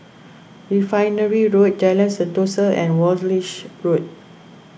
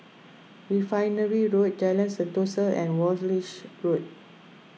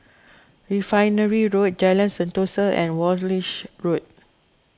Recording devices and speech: boundary microphone (BM630), mobile phone (iPhone 6), close-talking microphone (WH20), read sentence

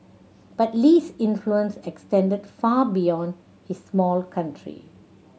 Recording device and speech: mobile phone (Samsung C7100), read sentence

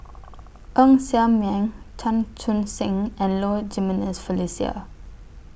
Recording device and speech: boundary microphone (BM630), read sentence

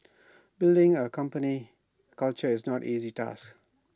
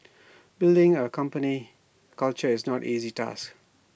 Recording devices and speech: standing microphone (AKG C214), boundary microphone (BM630), read sentence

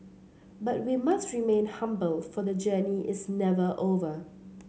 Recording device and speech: mobile phone (Samsung C7), read sentence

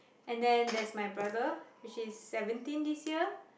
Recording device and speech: boundary microphone, conversation in the same room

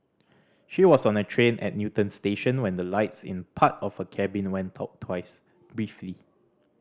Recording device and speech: standing microphone (AKG C214), read sentence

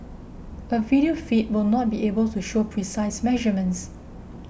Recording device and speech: boundary microphone (BM630), read sentence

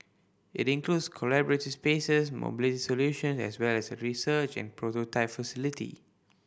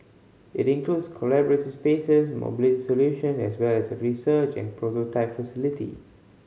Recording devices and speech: boundary microphone (BM630), mobile phone (Samsung C5010), read sentence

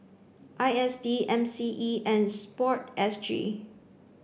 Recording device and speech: boundary microphone (BM630), read sentence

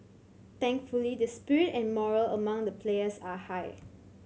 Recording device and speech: mobile phone (Samsung C7100), read sentence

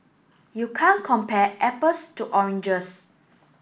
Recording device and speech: boundary microphone (BM630), read sentence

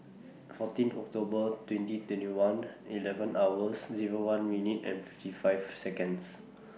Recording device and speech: mobile phone (iPhone 6), read sentence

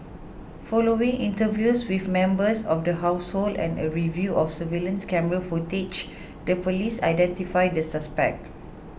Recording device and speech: boundary microphone (BM630), read sentence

